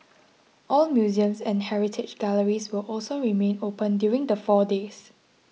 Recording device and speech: mobile phone (iPhone 6), read sentence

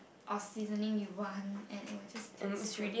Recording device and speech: boundary microphone, conversation in the same room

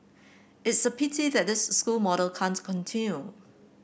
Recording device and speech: boundary microphone (BM630), read sentence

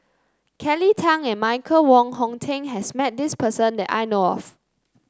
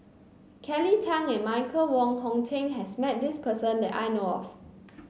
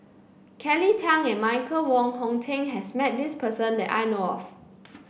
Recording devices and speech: close-talking microphone (WH30), mobile phone (Samsung C9), boundary microphone (BM630), read sentence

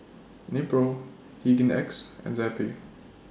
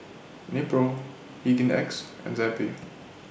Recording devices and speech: standing microphone (AKG C214), boundary microphone (BM630), read sentence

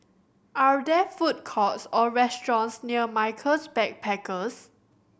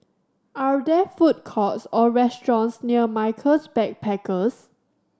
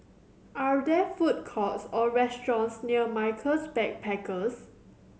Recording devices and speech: boundary microphone (BM630), standing microphone (AKG C214), mobile phone (Samsung C7100), read sentence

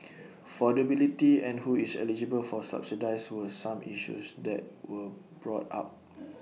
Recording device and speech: mobile phone (iPhone 6), read sentence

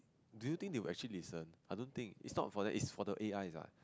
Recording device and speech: close-talking microphone, conversation in the same room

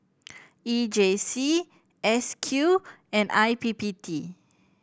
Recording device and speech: boundary microphone (BM630), read sentence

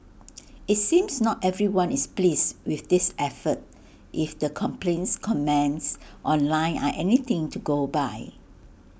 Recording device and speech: boundary microphone (BM630), read sentence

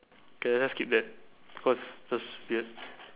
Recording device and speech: telephone, conversation in separate rooms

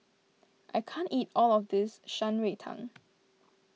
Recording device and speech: mobile phone (iPhone 6), read sentence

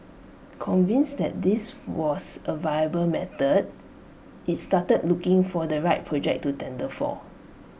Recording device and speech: boundary microphone (BM630), read sentence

